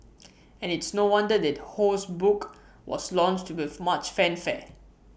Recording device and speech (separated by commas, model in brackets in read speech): boundary microphone (BM630), read sentence